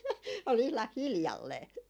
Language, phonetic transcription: Finnish, ol ihlah 'hiljallee .
- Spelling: oli ihan hiljalleen

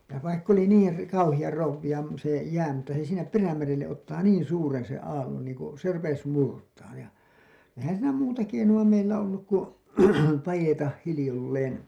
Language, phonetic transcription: Finnish, ja vaikk ‿oli 'niir§ , 'kauhiʲar 'rouwiʲa m- , se 'jää mutta se sinnep "Perämerelleˀ ˀottaa "niin "suuren sen̬ 'aallon niiŋ ku , se rupes "murtaaj ja , ehän siinä "muuta 'keinu₍a meillä olluk ku , 'pajetah 'hilĭjolleen .
- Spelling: ja vaikka oli niin kauhean krouvia - se jää mutta se sinne Perämerelle ottaa niin suuren sen aallon niin kun se rupesi murtamaan ja eihän siinä muuta keinoa meillä ollut kuin paeta hiljalleen

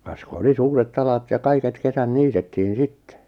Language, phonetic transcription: Finnish, kas ku 'oli 'suuret't ‿alat ja 'kaiket "kesän 'niitettiin "sitte .
- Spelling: kas kun oli suuret alat ja kaiket kesät niitettiin sitten

